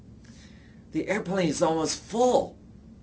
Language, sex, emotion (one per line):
English
male
fearful